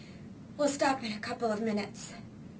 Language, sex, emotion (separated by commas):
English, female, sad